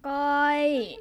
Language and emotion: Thai, neutral